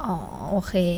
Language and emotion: Thai, neutral